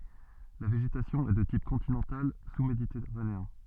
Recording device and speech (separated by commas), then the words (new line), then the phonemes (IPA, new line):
soft in-ear microphone, read sentence
La végétation est de type continental sous-méditerranéen.
la veʒetasjɔ̃ ɛ də tip kɔ̃tinɑ̃tal susmeditɛʁaneɛ̃